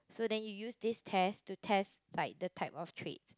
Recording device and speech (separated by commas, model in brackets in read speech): close-talking microphone, conversation in the same room